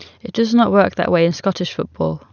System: none